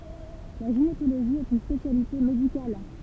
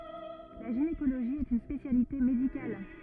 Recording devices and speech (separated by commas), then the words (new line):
temple vibration pickup, rigid in-ear microphone, read sentence
La gynécologie est une spécialité médicale.